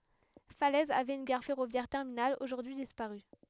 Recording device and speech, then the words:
headset microphone, read sentence
Falaise avait une gare ferroviaire terminale, aujourd'hui disparue.

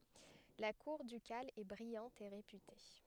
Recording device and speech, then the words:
headset microphone, read sentence
La cour ducale est brillante et réputée.

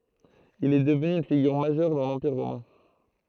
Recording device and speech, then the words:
throat microphone, read sentence
Il est devenu une figure majeure dans l'Empire romain.

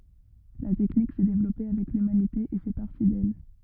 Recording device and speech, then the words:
rigid in-ear microphone, read sentence
La technique s'est développée avec l'humanité et fait partie d'elle.

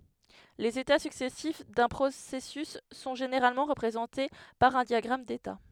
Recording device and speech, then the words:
headset microphone, read sentence
Les états successifs d'un processus sont généralement représentées par un diagramme d'état.

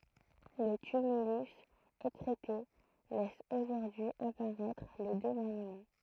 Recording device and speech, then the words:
throat microphone, read sentence
Le tumulus, écrêté, laisse aujourd'hui apparaître les deux monuments.

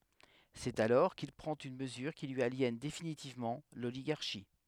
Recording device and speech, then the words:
headset microphone, read sentence
C'est alors qu'il prend une mesure qui lui aliène définitivement l'oligarchie.

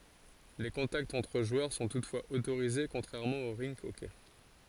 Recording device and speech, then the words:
forehead accelerometer, read sentence
Les contacts entre joueurs sont toutefois autorisés, contrairement au rink hockey.

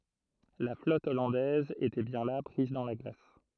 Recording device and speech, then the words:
throat microphone, read sentence
La flotte hollandaise était bien là, prise dans la glace.

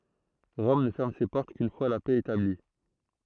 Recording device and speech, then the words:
throat microphone, read sentence
Rome ne ferme ses portes qu'une fois la paix établie.

